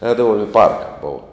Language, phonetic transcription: Lithuanian, ˈēdavum i park bov

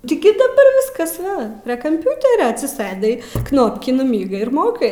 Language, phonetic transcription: Lithuanian, ti ˈgi daˈbar ˈviskas ˈva prie kamˈpiuterio atsiˈsɘdai ˈknopkį nuˈmygai ir ˈmokai

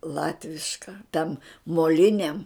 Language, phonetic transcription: Lithuanian, ˈlatviška ten moˈliniam

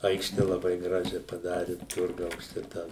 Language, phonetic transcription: Lithuanian, ˈaikšte laˈbai ˈgražia paˈdari ˈturgaus ˈčia tą

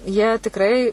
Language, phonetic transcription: Lithuanian, jie tikˈrai

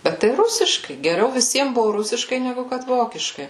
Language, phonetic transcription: Lithuanian, ˈbet tai ˈrusiškai geˈriau viˈsiem ˈbuvu ˈrusiškai neˈgu ˈkad ˈvokiškai

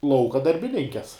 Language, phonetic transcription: Lithuanian, ˈlauka darbiˈninkes

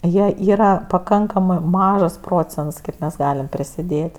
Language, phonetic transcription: Lithuanian, ˈjie ˈyra paˈkankamɜ ˈmažas ˈprocents ˈkaip mes ˈgalim prisiˈdėt'

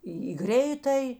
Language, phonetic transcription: Lithuanian, ˈį į ˈgreitaj

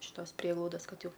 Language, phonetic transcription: Lithuanian, iš ˈtos ˈprieglaudas ˈkad ˈjau

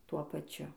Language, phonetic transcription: Lithuanian, ˈtuo paˈčiu

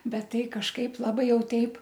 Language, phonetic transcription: Lithuanian, ˈbet ˈtai kažˈkaip laˈbai ˈjau ˈteip

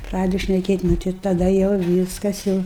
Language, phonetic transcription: Lithuanian, ˈpradedu šneˈkėt' ˈnu tai taˈda jau ˈvyskas jau

